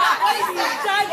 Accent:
Nigerian accent